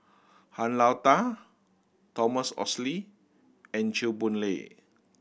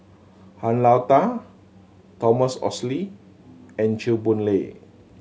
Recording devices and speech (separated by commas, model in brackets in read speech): boundary microphone (BM630), mobile phone (Samsung C7100), read sentence